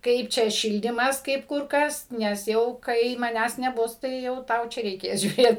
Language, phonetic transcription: Lithuanian, ˈkaip čia ˈšildymas ˈkaip ˈkur ˈkas nes ˈjau kai maˈnęs neˈbus tai jau ˈtau čia reiˈkės žiūˈrėt

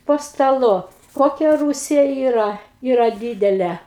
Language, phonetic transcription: Lithuanian, po staˈlu ˈkokia ˈrūsija ˈyra ˈyra ˈdydele

